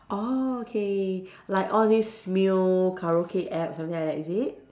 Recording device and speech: standing microphone, conversation in separate rooms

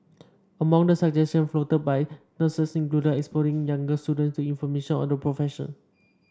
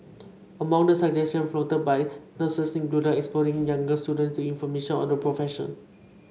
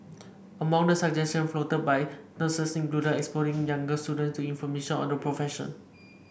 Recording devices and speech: standing microphone (AKG C214), mobile phone (Samsung C5), boundary microphone (BM630), read sentence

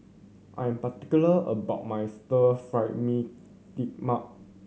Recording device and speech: mobile phone (Samsung C7100), read sentence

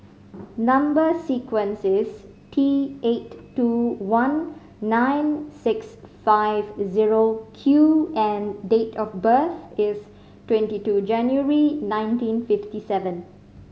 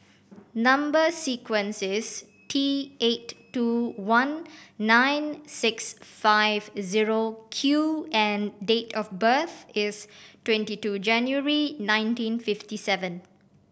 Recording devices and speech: mobile phone (Samsung C5010), boundary microphone (BM630), read sentence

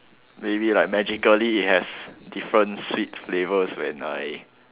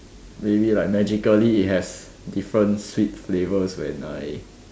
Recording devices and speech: telephone, standing microphone, conversation in separate rooms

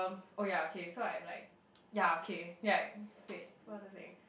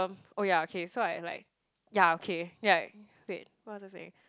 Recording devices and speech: boundary microphone, close-talking microphone, conversation in the same room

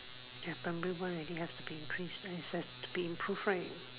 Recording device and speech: telephone, conversation in separate rooms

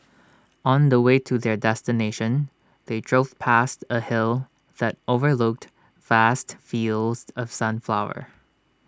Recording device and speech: standing microphone (AKG C214), read sentence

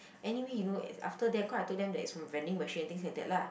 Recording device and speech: boundary microphone, conversation in the same room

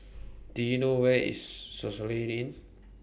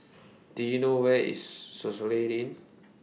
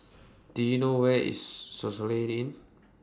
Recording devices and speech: boundary microphone (BM630), mobile phone (iPhone 6), standing microphone (AKG C214), read sentence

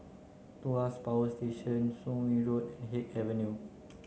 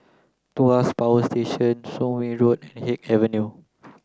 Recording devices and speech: mobile phone (Samsung C9), close-talking microphone (WH30), read sentence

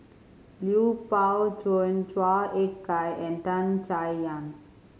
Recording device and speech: mobile phone (Samsung C5010), read sentence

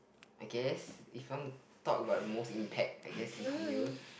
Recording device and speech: boundary microphone, conversation in the same room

